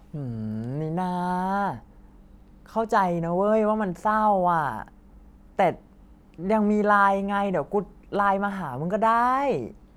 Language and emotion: Thai, frustrated